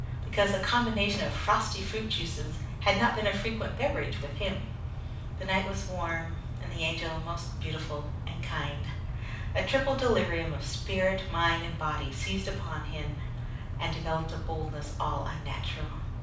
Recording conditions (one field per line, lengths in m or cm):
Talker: one person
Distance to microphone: 5.8 m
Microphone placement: far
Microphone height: 1.8 m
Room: medium-sized (5.7 m by 4.0 m)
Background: none